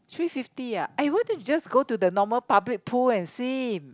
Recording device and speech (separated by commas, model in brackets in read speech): close-talking microphone, conversation in the same room